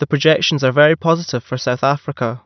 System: none